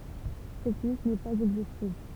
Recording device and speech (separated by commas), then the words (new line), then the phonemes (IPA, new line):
temple vibration pickup, read sentence
Cette liste n'est pas exhaustive.
sɛt list nɛ paz ɛɡzostiv